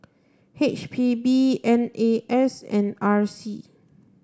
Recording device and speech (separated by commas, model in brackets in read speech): standing microphone (AKG C214), read sentence